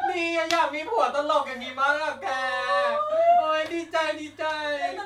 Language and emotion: Thai, happy